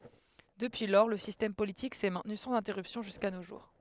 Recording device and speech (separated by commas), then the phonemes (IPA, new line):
headset microphone, read sentence
dəpyi lɔʁ lə sistɛm politik sɛ mɛ̃tny sɑ̃z ɛ̃tɛʁypsjɔ̃ ʒyska no ʒuʁ